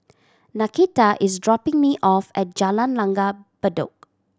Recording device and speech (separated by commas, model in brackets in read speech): standing microphone (AKG C214), read sentence